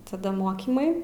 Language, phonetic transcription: Lithuanian, taˈda ˈmokymai

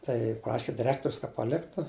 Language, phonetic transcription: Lithuanian, ˈtai ˈpraši diˈrektorius ka paˈliktu

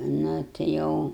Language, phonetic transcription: Lithuanian, nu ti ˈjau

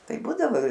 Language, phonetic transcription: Lithuanian, ˈtai ˈbūdavo

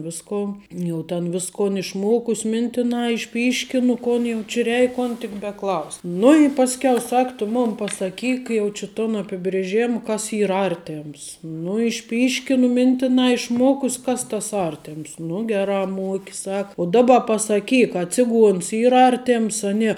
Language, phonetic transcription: Lithuanian, ˈviskon ˈjau ten ˈviskon išˈmokus ˈmintina išˈpyškinu ˈkon jau či ˈreik ˈkon tik beˈklaus' nu i ˈpaskiau ˈsak tu ˈmun pasaˈkyk ˈjau či ton apibrėˈžėm ˈkas ˈyr ˈartėms nu išˈpyškinu ˈmintinā išˈmuokus' ˈkas tas ˈartems nu ˈgerā ˈmuoki ˈsaka u ˈdaba pasaˈkyk a ˈciˌguons ˈyr ˈartėms a ˈnie

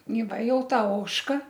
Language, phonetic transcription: Lithuanian, y ˈva ˈjau ˈta ˈožka

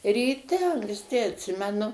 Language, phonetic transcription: Lithuanian, ryˈte anksˈti atˈsimenu

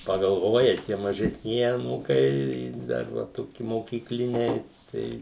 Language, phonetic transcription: Lithuanian, pagalˈvoja ˈtie mažesˈnieji aˈnūkai ˈdar va ˈtoki mokykˈliniai ˈtai

